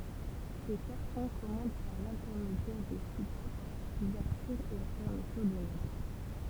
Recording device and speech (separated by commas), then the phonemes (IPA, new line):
temple vibration pickup, read sentence
se kaʁtɔ̃ kɔmɑ̃d paʁ lɛ̃tɛʁmedjɛʁ de supap luvɛʁtyʁ e la fɛʁmətyʁ de not